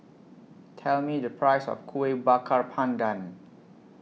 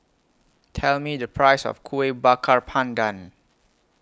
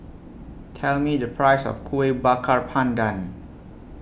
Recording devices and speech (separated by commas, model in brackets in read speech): mobile phone (iPhone 6), close-talking microphone (WH20), boundary microphone (BM630), read sentence